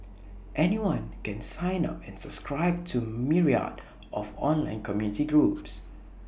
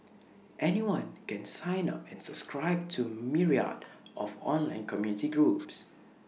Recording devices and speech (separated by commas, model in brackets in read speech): boundary microphone (BM630), mobile phone (iPhone 6), read sentence